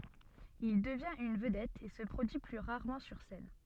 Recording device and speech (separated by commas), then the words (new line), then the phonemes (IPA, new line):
soft in-ear microphone, read sentence
Il devient une vedette et se produit plus rarement sur scène.
il dəvjɛ̃t yn vədɛt e sə pʁodyi ply ʁaʁmɑ̃ syʁ sɛn